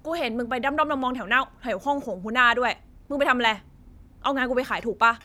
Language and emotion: Thai, angry